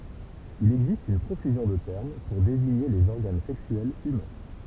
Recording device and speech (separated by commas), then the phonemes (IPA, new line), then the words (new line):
temple vibration pickup, read sentence
il ɛɡzist yn pʁofyzjɔ̃ də tɛʁm puʁ deziɲe lez ɔʁɡan sɛksyɛlz ymɛ̃
Il existe une profusion de termes pour désigner les organes sexuels humains.